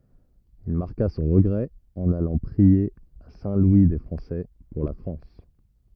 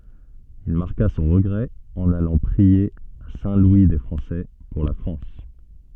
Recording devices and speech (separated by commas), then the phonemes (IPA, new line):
rigid in-ear microphone, soft in-ear microphone, read sentence
il maʁka sɔ̃ ʁəɡʁɛ ɑ̃n alɑ̃ pʁie a sɛ̃ lwi de fʁɑ̃sɛ puʁ la fʁɑ̃s